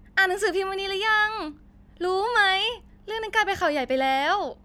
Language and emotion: Thai, happy